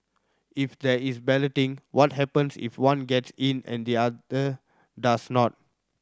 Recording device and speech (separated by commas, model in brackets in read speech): standing microphone (AKG C214), read sentence